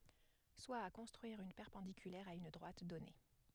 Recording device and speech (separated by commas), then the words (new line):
headset microphone, read sentence
Soit à construire une perpendiculaire à une droite donnée.